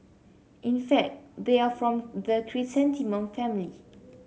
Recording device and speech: mobile phone (Samsung C7), read sentence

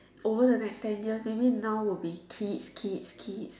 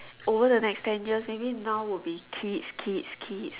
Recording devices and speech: standing microphone, telephone, conversation in separate rooms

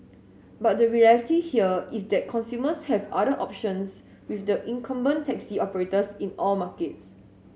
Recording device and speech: mobile phone (Samsung S8), read sentence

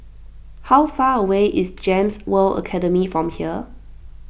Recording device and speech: boundary microphone (BM630), read sentence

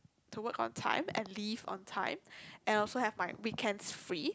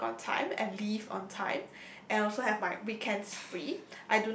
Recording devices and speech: close-talking microphone, boundary microphone, conversation in the same room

